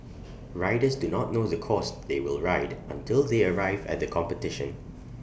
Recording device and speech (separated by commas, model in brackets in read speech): boundary microphone (BM630), read sentence